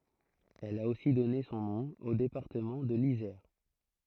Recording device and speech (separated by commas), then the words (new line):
throat microphone, read sentence
Elle a aussi donné son nom au département de l'Isère.